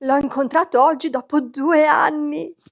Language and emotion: Italian, happy